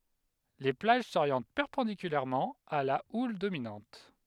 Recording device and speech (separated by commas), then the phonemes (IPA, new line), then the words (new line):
headset microphone, read sentence
le plaʒ soʁjɑ̃t pɛʁpɑ̃dikylɛʁmɑ̃ a la ul dominɑ̃t
Les plages s'orientent perpendiculairement à la houle dominante.